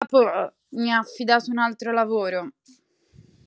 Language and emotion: Italian, disgusted